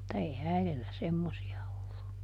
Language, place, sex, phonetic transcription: Finnish, Juupajoki, female, [mut]ta ˈei "äiδellä semmosi₍a ollu .
- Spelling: mutta ei äidille semmoisia ollut

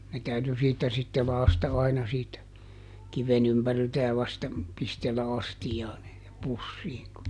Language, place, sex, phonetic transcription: Finnish, Juupajoki, male, ne ˈtäyty siittä sitte ˈlaasta aina siitä , ˈkiven ‿ympäriltä ja vasta , ˈpistellä ˈastijaan -- ˈpussiiŋ ku ,.
- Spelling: ne täytyi siitä sitten lakaista aina siitä kiven ympäriltä ja vasta pistellä astiaan - pussiin kun

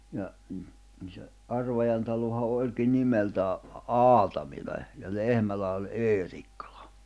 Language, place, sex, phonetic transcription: Finnish, Jämsä, male, ja , m̥ , se , '’Arvajan taloha 'òĺki nimeltää , "Aatamil̜a , ja 'Lehmälä oĺ "’Eerikkᴀʟᴀ .
- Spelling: ja - se Arvajan talohan olikin nimeltään Aatamila ja Lehmälä oli Eerikkilä

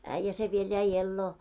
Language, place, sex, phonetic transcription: Finnish, Moloskovitsa, female, 'äⁱjjä se viel jäi 'elloo .
- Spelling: äijä se vielä jäi eloon

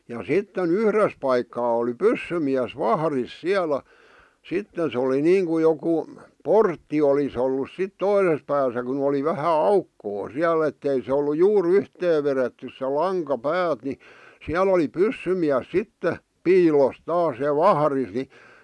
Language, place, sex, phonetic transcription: Finnish, Vihti, male, ja "sitten "yhres paikkaa oli "pyssymiäs "vahris "siälä , 'sitten̬ se oli 'niiŋku joku , "portti olis ‿ollus sit "toises pääsä kun ‿oli 'vähä "aukkoo 'siäl ‿ettei se ollu 'juur "yhtee veretty se "laŋka "päät ni , 'siäl ‿oli "pyssymiäs 'sitte , "piilos taas ja "vahᵃris ni ,.
- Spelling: ja sitten yhdessä paikkaa oli pyssymies vahdissa siellä sitten se oli niin kuin joku portti olisi ollut sitten toisessa päässä kun oli vähän aukkoa siellä että ei se ollut juuri yhteen vedetty se lanka päät niin siellä oli pyssymies sitten piilossa taas ja vahdissa niin

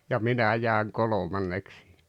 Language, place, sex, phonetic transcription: Finnish, Rautalampi, male, ja "minä jääᵉŋ "kolomanneks (siihᴇ) .
- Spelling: ja minä jäin kolmanneksi siihen

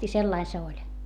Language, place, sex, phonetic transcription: Finnish, Hietamäki, female, i sellai se oĺ .
- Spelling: ja sellainen se oli

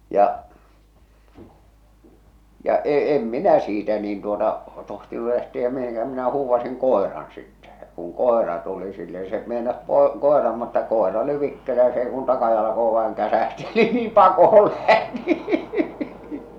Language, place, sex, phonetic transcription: Finnish, Salla, male, ja’ , ja , 'e- 'em minä 'siitä niin tuota , 'tohtinu lähtiä 'mihiŋkä̳ minä huuvvas̬iŋ "kòeran sittɛ ᴊᴀ , ja kuŋ "kòera tuli sille ni se meinas poe- 'kòeram mutta 'kòera oli 'vikkelä ja s ‿ei kun 'takajalakoe vaeŋ 'käsähti ni niim 'pakohol lähti !
- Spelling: ja ja - en minä siitä niin tuota tohtinut lähteä mihinkään minä huusin koiran sitten ja ja kun koira tuli sille niin se meinasi - koiran mutta koira oli vikkelä ja se ei kuin takajalkoihin vain käsähti niin niin pakoon lähti

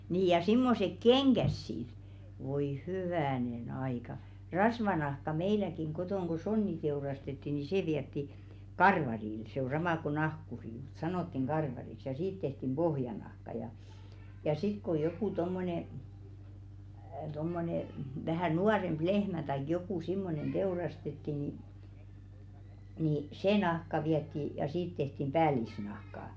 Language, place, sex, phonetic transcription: Finnish, Velkua, female, nii ja 'simmosek "keŋɢäs 'sit , voi 'hyvä̀nen 'aika , "rasvanahka meiläkiŋ 'ɢotòŋ ko "sonni teurastetti ni 'sè viɛtti , "karvaril , se ‿o 'sama ko 'nahkuri mᴜt "sanottiŋ 'ɢarvariks ja 'siit tehtim "ʙohjanahka ja , ja sit ko 'jokù "tommone , tommone , vähä̀ "nuaremʙ "lehmä taik 'jokù 'simmonen "ᴅeurastetti ni , ni "se 'nahka viɛtti , ja 'siit tehtim "ʙäälisnahkà .
- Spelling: niin ja semmoiset kengät sitten voi hyvänen aika rasvanahka meilläkin kotona kun sonni teurastettiin niin se vietiin karvarille se on sama kuin nahkuri mutta sanottiin karvariksi ja siitä tehtiin pohjanahka ja ja sitten kun joku tuommoinen tuommoinen vähän nuorempi lehmä tai joku semmoinen teurastettiin niin niin se nahka vietiin ja siitä tehtiin päällisnahka

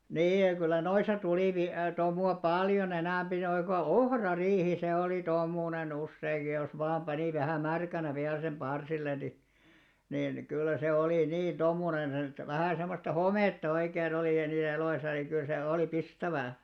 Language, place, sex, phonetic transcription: Finnish, Alastaro, male, 'niij ja kyl̆lä noisa 'tulì vi- , 'tomu₍a "pàljo'n ‿enä̀mʙi noiŋ ko "ohra'riihi se olì "tomùne'n ‿usseiŋɢi ja jos 'vaam 'ʙanì vähä 'märkänä viäl sem 'ʙarsillen̆ ni , nin 'kyllä se olì "nin 'tomùnen (set ‿et) , vähä̀ semmosta "homètta oikee'n ‿olì (ja niisä eloisa) niŋ kyl se òli "pistävää .
- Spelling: niin ja kyllä noissa tuli - tomua paljon enempi noin kuin ohrariihi se oli tomuinen useinkin ja jos vain pani vähän märkänä vielä sen parsille niin niin kyllä se oli niin tomuinen - että vähän semmoista hometta oikein oli ja niissä eloissa niin kyllä se oli pistävää

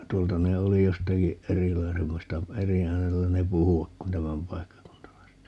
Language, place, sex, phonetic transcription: Finnish, Paavola, male, 'tuolta ne "oli 'jostaki , "erilaisemmasta , "eri 'äänellä 'ne "puhuvak kun "tämämpaikkakuntalaiset .
- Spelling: tuolta ne oli jostakin erilaisemmasta eri äänellä ne puhuvat kuin tämänpaikkakuntalaiset

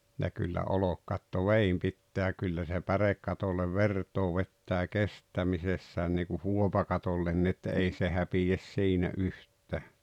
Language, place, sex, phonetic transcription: Finnish, Rautalampi, male, ja kyllä 'olokkatto "veim pitteä 'kyllä se "pärekkatollev "vert̀oo vettää "kesttämisessään niiku "huopakatollenni että 'ei se 'häpijäs 'siinä "yht̆tä̀ .
- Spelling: ja kyllä olkikatto veden pitää kyllä se pärekatolle vertaa vetää kestämisessään niin kuin huopakatolle että ei se häpeä siinä yhtään

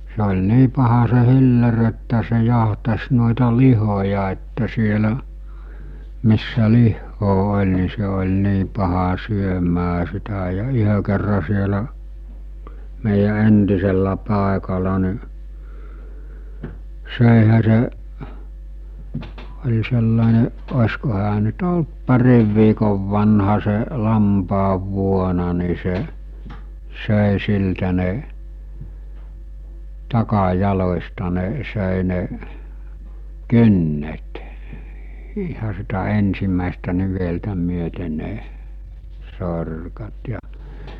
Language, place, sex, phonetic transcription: Finnish, Mikkeli, male, se oĺ 'nii paha se 'hiller ‿että se jahtas nòeta 'lihoja että sielä , missä 'lihhoo 'oĺ ni se oĺ 'nii paha 'syömää sitä ja 'yhö kerra sielä , mèijä 'entisellä 'pàekala ni , 'sö̀ihä seˀ , oĺ sellàene , os̜ko hää nyt "olt 'pariv viikov vanha se , 'lampaav'vuona ni se , sö̀e 'siltä ne , 'taka'jalośta nḙḙ , sö̀e ne , "kynnet , iha sitä 'ensim̆mä̀estä 'niveltä 'myöte ne , 'sorkat ja ,.
- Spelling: se oli niin paha se hilleri että se jahtasi noita lihoja että siellä missä lihaa oli niin se oli niin paha syömään sitä ja yhden kerran siellä meidän entisellä paikalla niin söihän se oli sellainen olisiko hän nyt ollut parin viikon vanha se lampaanvuona niin se söi siltä ne takajaloista ne söi ne kynnet ihan sitä ensimmäistä niveltä myöten ne sorkat ja

